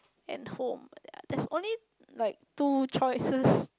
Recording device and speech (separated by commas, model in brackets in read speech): close-talking microphone, conversation in the same room